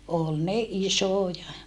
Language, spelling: Finnish, oli ne isoja
- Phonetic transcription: ol ne isòja .

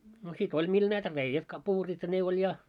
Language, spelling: Finnish, no sitä oli millä näitä reiät kapuurit ja ne oli ja
- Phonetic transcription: no si't ‿oĺ mil näitä 'reijät ka'puurit ja 'ne oĺ 'ja .

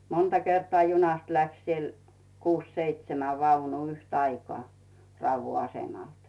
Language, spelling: Finnish, monta kertaa junasta lähti siellä kuusi seitsemän vaunua yhtä aikaa Raudun asemalta
- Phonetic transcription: 'monta 'kertᵒà junast 'läks siel , 'kuus 'seitsemä 'vaunuu yht'aikoà , 'Rauvvu "asemalt .

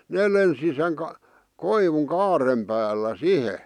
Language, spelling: Finnish, ne lensi sen - koivun kaaren päällä siihen
- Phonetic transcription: 'nee lensi seŋ k- , 'koivuŋ 'kaarem päällä "sihe .

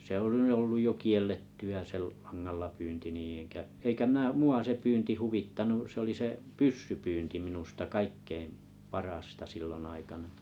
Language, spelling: Finnish, se on nyt ollut jo kiellettyä se langalla pyynti niin enkä eikä minä minua se pyynti huvittanut se oli se pyssypyynti minusta kaikkein parasta silloin aikana
- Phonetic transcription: 'se ‿on ny̭ 'olluj jo 'kiel̆letty₍ä 'se 'langallapyynti nii enkä , "eikä mä mu₍a se 'pyynti 'huvittanu , se oli se "pyssypyynti 'minusta "kaikkeim , "parasta 'sillonn ‿aikana .

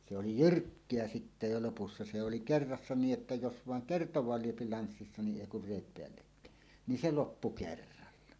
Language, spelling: Finnish, se oli jyrkkä sitten jo lopussa se se oli kerrassaan niin että jos vain kertaakaan lyö lanssissa niin ei kun reet päällekkäin niin se loppu kerralla
- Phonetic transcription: se oli "jyrkkeä 'sitte jo lopussa se se oli "kerrassa 'nii’ ’että 'jos 'vàeŋ "kertoẁaal 'lyöpi 'lanssissa ni "ˀèi 'kur 'rèit 'peällekkä̀en , ni 'se "loppu "kerralla .

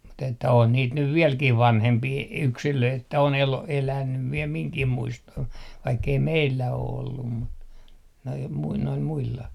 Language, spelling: Finnish, mutta että on niitä nyt vieläkin vanhempia yksilöitä että on - elänyt vielä minunkin muistoon vaikka ei meillä ole ollut mutta nuo - noilla muilla
- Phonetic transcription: mut ‿että 'on 'niit nyv 'viɛlkih "vanhempii , "yksilöit että on elo- , elänyv viel 'miŋkih 'muistoh vaikkei "meillä o 'ollum mut , noi mui- , noil 'muilla .

